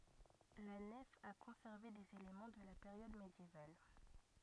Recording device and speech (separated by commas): rigid in-ear microphone, read sentence